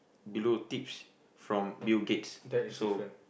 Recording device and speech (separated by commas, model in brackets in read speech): boundary microphone, conversation in the same room